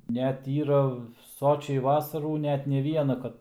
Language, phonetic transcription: Lithuanian, ˈnet ˈyra ˈsočiai ˈvasarų ˈnetˈne ˈvieną kad

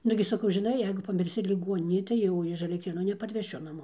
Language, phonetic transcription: Lithuanian, ˈnugi saˈkau žiˈnai ˈjeigu pamirˈsi liˈguoninėj tai ˈjau iš alekˈtrėnų neparveˈšiu naˈmo

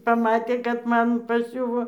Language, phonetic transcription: Lithuanian, paˈmatė kad ˈman paˈsiuvo

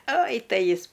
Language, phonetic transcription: Lithuanian, oj ˈtai ˈjis

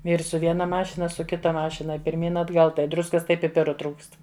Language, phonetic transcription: Lithuanian, ˈvyrs su ˈviena ˈmašina ˈaš su ˈkita ˈmašina pirˈmyn atˈgal tai ˈdruskas ˈtai piˈpiru ˈtrūkst

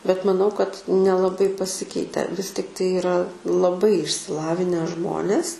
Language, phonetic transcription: Lithuanian, bet maˈnau kad nelaˈbai paˈsikeite vis tikˈtai iˈra laˈbai išsiˈlavinę ˈžmonės

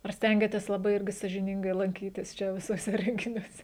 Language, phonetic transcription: Lithuanian, ar ˈstengiatės laˈbai ˈirgi sąžiˈningai lanˈkytis ˈčia visuoˈse renginiuoˈse

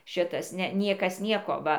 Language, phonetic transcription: Lithuanian, ˈšitas ˈne ˈniekas ˈnieko ˈva

